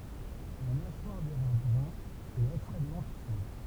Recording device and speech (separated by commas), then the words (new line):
temple vibration pickup, read sentence
La mâchoire du rat brun est extrêmement puissante.